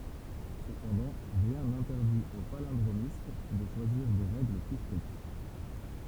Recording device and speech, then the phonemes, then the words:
temple vibration pickup, read sentence
səpɑ̃dɑ̃ ʁjɛ̃ nɛ̃tɛʁdit o palɛ̃dʁomist də ʃwaziʁ de ʁɛɡl ply stʁikt
Cependant, rien n'interdit au palindromiste de choisir des règles plus strictes.

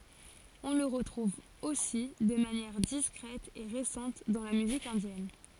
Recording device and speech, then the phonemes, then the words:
forehead accelerometer, read sentence
ɔ̃ lə ʁətʁuv osi də manjɛʁ diskʁɛt e ʁesɑ̃t dɑ̃ la myzik ɛ̃djɛn
On le retrouve aussi de manière discrète et récente dans la musique indienne.

